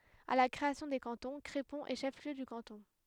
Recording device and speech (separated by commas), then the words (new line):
headset microphone, read sentence
À la création des cantons, Crépon est chef-lieu de canton.